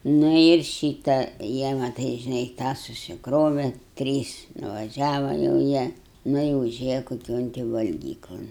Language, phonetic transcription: Lithuanian, ˈnu ir ˈšyta ˈjie maˈtai žiˈnai ˈtą susikˈrove ˈtrys nuvaˈžiava jau ˈjie ˈnu i uˈžėja koˈkion ti valˈgyklon

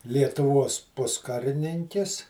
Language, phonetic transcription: Lithuanian, lietuˈvuos ˈpuskarininkis

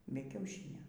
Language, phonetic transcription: Lithuanian, ˈbe kiauˈšynio

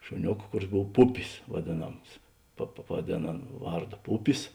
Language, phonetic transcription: Lithuanian, šuˈniok ˈkuˌris ˈbov ˈpupis vaˈdėˌnams pa pa pavaˈdėn ˈan ˈvarˌdo ˈpupis

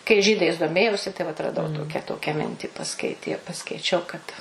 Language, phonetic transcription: Lithuanian, kai ˈžydais doˈmėjausi tai vat raˈdau ˈtokia ˈtokia ˈmintį paˈskaitie paskaiˈčiau kad

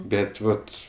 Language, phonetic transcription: Lithuanian, ˈbet ˈvat

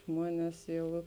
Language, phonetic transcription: Lithuanian, ˈžmuones ˈjau

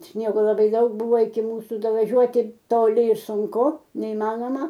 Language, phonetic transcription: Lithuanian, ˈsniego laˈbai ˈdaug ˈbuvo iki ˈmūsu davaˈžiuoti toˈli i sunˈku neiˈmanoma

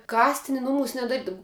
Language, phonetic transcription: Lithuanian, ˈkastini ˈnumūs nedaˈrydav

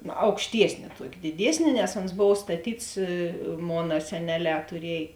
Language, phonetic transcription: Lithuanian, aukšˈtiesni ˈtuoki diˈdiesni nes ons ˈbov staˈtyts ˈmona seˈneˌlē tuˈriej

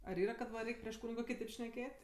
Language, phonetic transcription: Lithuanian, ar ˈyra kad ˈva ˈreik' prieš ˈkūnigo kiˈtėp šneˈkėt'

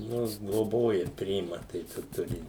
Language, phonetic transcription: Lithuanian, ˈnu gloˈboja ˈpriima tai ˈčia ˈturi

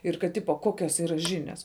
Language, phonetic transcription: Lithuanian, ir kad ˈtipo ˈkokios ˈyra žiˈnias

